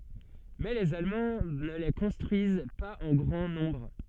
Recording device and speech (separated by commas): soft in-ear microphone, read sentence